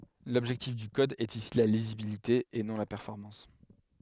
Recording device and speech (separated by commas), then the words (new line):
headset microphone, read sentence
L'objectif du code est ici la lisibilité et non la performance.